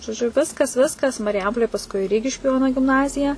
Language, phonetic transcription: Lithuanian, žoˈdžiu ˈviskas ˈviskas mariˈjampolėj pasˈkui ˈrygiškiu ˈjono gimˈnazija

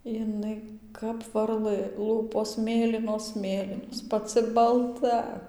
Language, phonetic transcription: Lithuanian, jiˈnai kap varˈlɘ ˈlūpos ˈmėlynos ˈmėlynos paˈcɨ balˈta

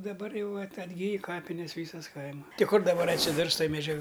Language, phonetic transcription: Lithuanian, daˈbar ˈjau at atˈgyj ˈkapines ˈvysas ˈkaima ˈti ˈkur daˈbar atsiˈdurs ˈtoj meˈdžiag

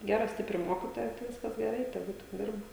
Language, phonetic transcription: Lithuanian, ˈgera ˈstipri ˈmokitoja tai ˈviskas geˈrai teˈgu tik ˈdirba

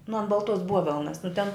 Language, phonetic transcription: Lithuanian, nu an balˈtuos ˈbuovelnas nu ten

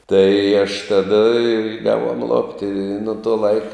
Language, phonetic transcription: Lithuanian, tai aš ˈtada i ˈgavuom ˈlopti i nu ˈto ˈlaik

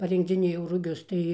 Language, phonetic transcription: Lithuanian, parinkdziˈnėjau ruˈgius ˈtai

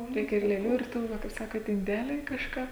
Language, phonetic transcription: Lithuanian, ˈreikia ir lėˈlių ir ˈtų ˈva kaip ˈsakot inˈdeliai kažˈką

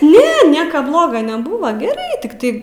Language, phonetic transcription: Lithuanian, ˈne ˈnieka ˈbloga neˈbūva geˈrai tikˈtai

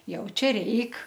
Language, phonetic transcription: Lithuanian, ˈjau ˈčia ˈreik

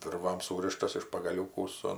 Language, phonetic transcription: Lithuanian, ˈvirvam ˈsūrištas iš pagaˈliūkų ˈsu

